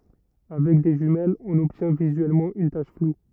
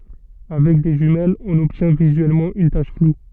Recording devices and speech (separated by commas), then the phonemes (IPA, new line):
rigid in-ear microphone, soft in-ear microphone, read sentence
avɛk de ʒymɛlz ɔ̃n ɔbtjɛ̃ vizyɛlmɑ̃ yn taʃ flu